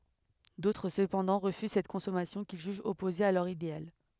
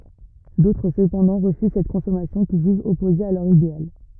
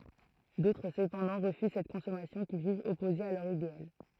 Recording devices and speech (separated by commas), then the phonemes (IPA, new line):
headset microphone, rigid in-ear microphone, throat microphone, read sentence
dotʁ səpɑ̃dɑ̃ ʁəfyz sɛt kɔ̃sɔmasjɔ̃ kil ʒyʒt ɔpoze a lœʁ ideal